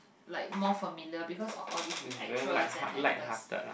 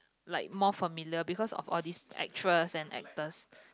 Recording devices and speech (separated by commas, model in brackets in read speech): boundary microphone, close-talking microphone, conversation in the same room